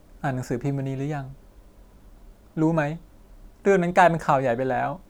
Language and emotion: Thai, sad